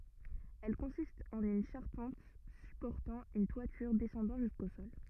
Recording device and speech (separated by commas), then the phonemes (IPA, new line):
rigid in-ear microphone, read sentence
ɛl kɔ̃sistt ɑ̃n yn ʃaʁpɑ̃t sypɔʁtɑ̃ yn twatyʁ dɛsɑ̃dɑ̃ ʒysko sɔl